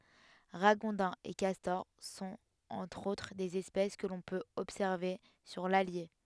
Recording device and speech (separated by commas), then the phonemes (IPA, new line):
headset microphone, read sentence
ʁaɡɔ̃dɛ̃z e kastɔʁ sɔ̃t ɑ̃tʁ otʁ dez ɛspɛs kə lɔ̃ pøt ɔbsɛʁve syʁ lalje